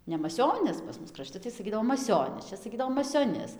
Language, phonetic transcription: Lithuanian, ne maˈsionis pas ˈmus kraˈšti tai saˈkydavo maˈsionis ˈčia saˈkydavo masioˈnis

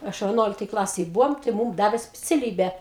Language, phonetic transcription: Lithuanian, ˈaš veˈnuoliktoj ˈklasėj ˈbuvom tai ˈmūm ˈdavė spiciaˈlybę

